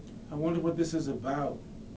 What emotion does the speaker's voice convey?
fearful